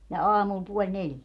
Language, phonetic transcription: Finnish, ja "aamul puoĺ 'neljä .
- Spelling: ja aamulla puoli neljä

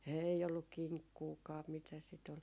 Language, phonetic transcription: Finnish, 'ei olluk 'kiŋkkuukaa mitä sit ‿ol .
- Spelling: ei ollut kinkkuakaan mitä sitä oli

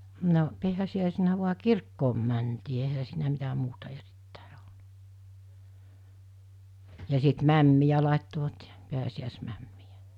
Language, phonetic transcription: Finnish, no , 'pi̬äsi₍ä̀esenä vua "kirkkoom mäntii ehä siinä mitä 'muuta 'erit(tä̀e olna) , ja sit "mämmijä làittovat jᴀ , 'pi̬äsi₍àesmämmijᴀ̈ .
- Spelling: no pääsiäisenä vain kirkkoon mentiin eihän siinä mitä muuta erittäin ollut ja sitten mämmiä laittoivat ja pääsiäismämmiä

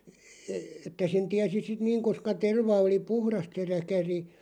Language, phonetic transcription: Finnish, e- että sen 'tiäsi sit "niiŋ koska 'terva oli "puhrast se 'räkäri ,.
- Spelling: - että sen tiesi sitten niin koska terva oli puhdasta se räkäri

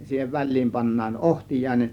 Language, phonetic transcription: Finnish, (ja) siihev 'väl̆liim pannaan "ˀohtij̀àėnen .
- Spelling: ja siihen väliin pannaan ohtiainen

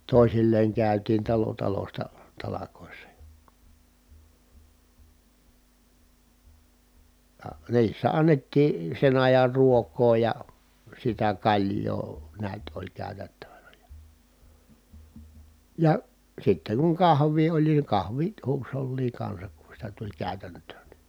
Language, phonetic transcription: Finnish, tòi̮silleeŋ kä̀ytiin talo talosta , talakòissa jA ,. ja , niissä annettii , sen ajar ruok̀oo ja , sitä kaĺj̀oo neät oĺ kä̀y̬tättävänä jA , ja , sitteŋ kuŋ kahv̀ii oĺ ni kahvi(t) huusholliiŋ kansak ku sitä tuĺ kä̀ytänt̀öön ni ,.
- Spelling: toisilleen käytiin talo talosta talkoissa ja ja niissä annettiin sen ajan ruokaa ja sitä kaljaa näet oli käytettävänä ja ja sitten kun kahvia oli niin kahvit huusholliin kanssa kun sitä tuli käytäntöön niin

